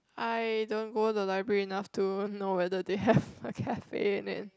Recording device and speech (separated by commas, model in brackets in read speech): close-talking microphone, conversation in the same room